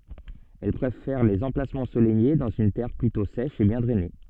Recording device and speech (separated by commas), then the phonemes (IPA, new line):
soft in-ear microphone, read sentence
ɛl pʁefɛʁ lez ɑ̃plasmɑ̃z ɑ̃solɛje dɑ̃z yn tɛʁ plytɔ̃ sɛʃ e bjɛ̃ dʁɛne